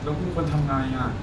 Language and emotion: Thai, frustrated